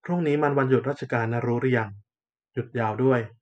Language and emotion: Thai, neutral